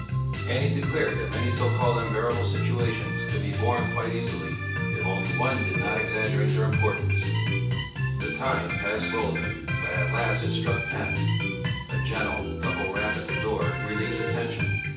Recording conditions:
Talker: one person; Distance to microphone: 9.8 m; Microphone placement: far; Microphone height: 1.8 m; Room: large; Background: music

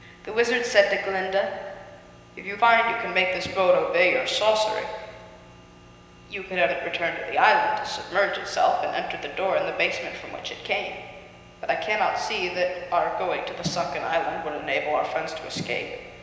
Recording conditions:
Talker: one person; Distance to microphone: 1.7 m; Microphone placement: close; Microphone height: 1.0 m; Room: very reverberant, large; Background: none

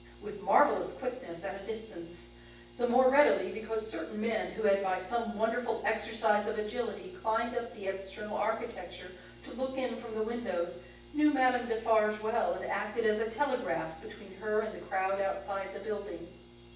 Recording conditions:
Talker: one person; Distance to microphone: 9.8 m; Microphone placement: far; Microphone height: 1.8 m; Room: large; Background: none

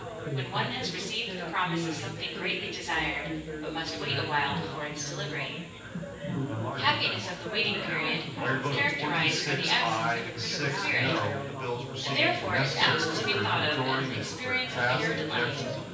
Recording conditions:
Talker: one person; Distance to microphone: 9.8 m; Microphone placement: far; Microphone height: 1.8 m; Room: large; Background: babble

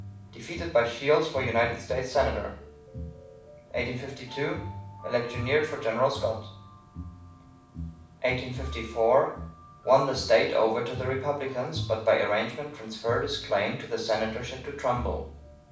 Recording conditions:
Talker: one person; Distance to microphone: 5.8 m; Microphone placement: far; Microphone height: 1.8 m; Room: medium-sized (5.7 m by 4.0 m); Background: music

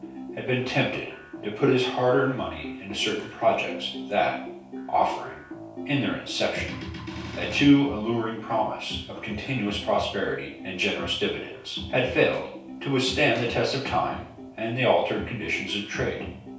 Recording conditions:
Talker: one person; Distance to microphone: 3.0 m; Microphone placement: far; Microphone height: 1.8 m; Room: small (3.7 m by 2.7 m); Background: music

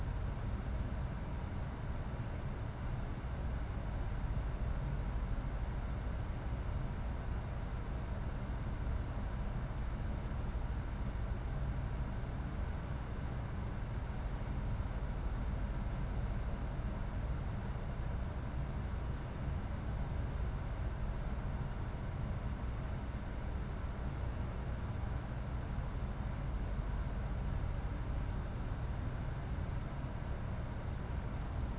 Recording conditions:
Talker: no one; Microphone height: 99 cm; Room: medium-sized (5.7 m by 4.0 m); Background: none

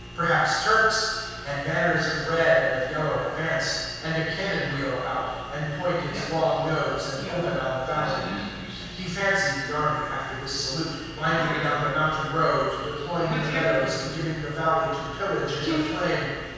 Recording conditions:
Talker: one person; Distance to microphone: 7.1 m; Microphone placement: far; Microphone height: 1.7 m; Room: very reverberant, large; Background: television

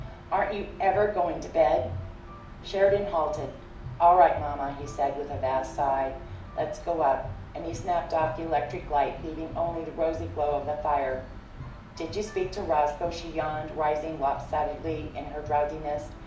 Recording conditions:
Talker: one person; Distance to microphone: 2.0 m; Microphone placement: close; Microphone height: 99 cm; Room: medium-sized (5.7 m by 4.0 m); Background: music

